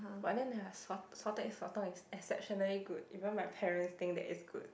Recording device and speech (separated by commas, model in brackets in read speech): boundary microphone, conversation in the same room